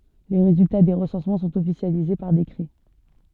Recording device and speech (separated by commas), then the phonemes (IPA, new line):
soft in-ear microphone, read sentence
le ʁezylta de ʁəsɑ̃smɑ̃ sɔ̃t ɔfisjalize paʁ dekʁɛ